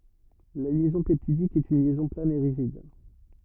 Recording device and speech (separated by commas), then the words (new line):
rigid in-ear microphone, read sentence
La liaison peptidique est une liaison plane et rigide.